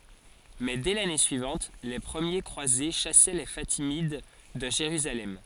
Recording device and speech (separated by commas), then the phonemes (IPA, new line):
forehead accelerometer, read sentence
mɛ dɛ lane syivɑ̃t le pʁəmje kʁwaze ʃasɛ le fatimid də ʒeʁyzalɛm